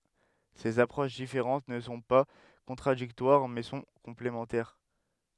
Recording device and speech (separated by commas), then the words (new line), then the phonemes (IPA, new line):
headset microphone, read sentence
Ces approches différentes ne sont pas contradictoires, mais sont complémentaires.
sez apʁoʃ difeʁɑ̃t nə sɔ̃ pa kɔ̃tʁadiktwaʁ mɛ sɔ̃ kɔ̃plemɑ̃tɛʁ